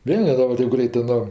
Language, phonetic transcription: Lithuanian, ˈvėl neˈrand ˈtėp ˈgreitɜ ˈno

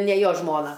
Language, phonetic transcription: Lithuanian, ne ˈjo ˈžmona

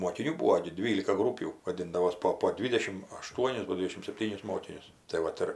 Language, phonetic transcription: Lithuanian, mokiˈnių ˈbūo gi ˈdvylika ˈgrūpių vaˈdindavos ˈpo po ˈdvidešim aˈštuonis ˈgol' ˈdvidešim sepˈtynis ˈmokinius tai ˈvat ir

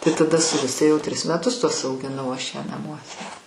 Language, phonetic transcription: Lithuanian, tai taˈda su ˈguste jau ˈtris meˈtus tuos augiˈnau ˈaš ˈją naˈmuose

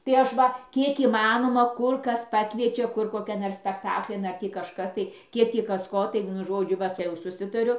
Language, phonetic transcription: Lithuanian, tai ˈaš va ˈkiek įˈmanoma ˈkur ˈkas ˈpakviečia ˈkur koˈkian ar spekˈtaklin ˈar tį kažˈkas tai ˈkiek ˈtį ˈkas ˈko tai ˈvienu ˈžodžiu ˈva te jau suˈsitariu

